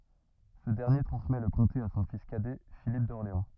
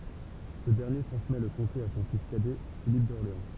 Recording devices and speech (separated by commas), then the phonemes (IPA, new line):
rigid in-ear microphone, temple vibration pickup, read sentence
sə dɛʁnje tʁɑ̃smɛ lə kɔ̃te a sɔ̃ fis kadɛ filip dɔʁleɑ̃